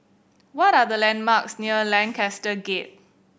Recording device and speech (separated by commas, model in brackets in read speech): boundary microphone (BM630), read sentence